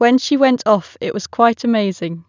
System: none